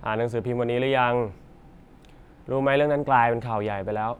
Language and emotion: Thai, neutral